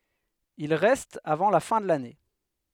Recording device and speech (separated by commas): headset microphone, read sentence